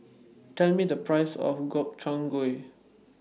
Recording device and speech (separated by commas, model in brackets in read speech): mobile phone (iPhone 6), read sentence